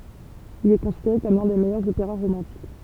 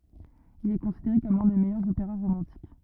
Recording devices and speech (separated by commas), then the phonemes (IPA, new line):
temple vibration pickup, rigid in-ear microphone, read sentence
il ɛ kɔ̃sideʁe kɔm lœ̃ de mɛjœʁz opeʁa ʁomɑ̃tik